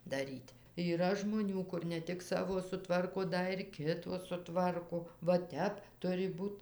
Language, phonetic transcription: Lithuanian, daˈryt' yˈra žmoˈnių ˈkur ne ˈtik ˈsavo suˈtvarko ˈda ir ˈkito suˈtvarko va ˈtep ˈturi ˈbūt

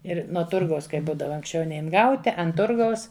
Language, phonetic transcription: Lithuanian, ˈir nuo ˈturgaus ˈkai ˈbūdava anksˈčiau ˈnein ˈgauti an ˈturgaus

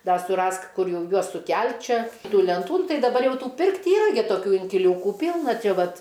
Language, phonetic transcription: Lithuanian, ˈda suˈrask ˈkur ˈjau ˈjuos suˈkelt' ˈčia ˈtų lenˈtų nu ˈtai daˈbar ˈjau ˈtų ˈpirkt' ˈyra gi toˈkių inkiˈliūku ˈpylna ˈčia ˈvat

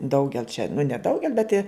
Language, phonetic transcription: Lithuanian, ˈdaugel čia nu neˈdaugel bet i

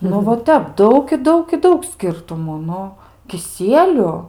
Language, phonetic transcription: Lithuanian, nu va ˈtep ˈdaug i ˈdaug i ˈdaug ˈskirtumų ˈnu kiˈsieliu

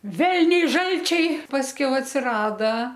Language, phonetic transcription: Lithuanian, ˈvelniai ˈžalčiai pasˈkiau atsiˈrada

